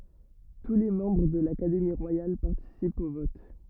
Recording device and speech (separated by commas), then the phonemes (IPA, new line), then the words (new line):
rigid in-ear microphone, read sentence
tu le mɑ̃bʁ də lakademi ʁwajal paʁtisipt o vɔt
Tous les membres de l'Académie royale participent au vote.